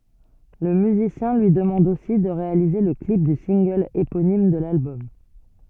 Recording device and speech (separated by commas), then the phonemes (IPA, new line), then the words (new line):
soft in-ear microphone, read sentence
lə myzisjɛ̃ lyi dəmɑ̃d osi də ʁealize lə klip dy sɛ̃ɡl eponim də lalbɔm
Le musicien lui demande aussi de réaliser le clip du single éponyme de l'album.